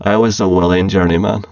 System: VC, spectral filtering